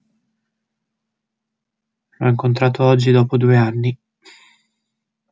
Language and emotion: Italian, sad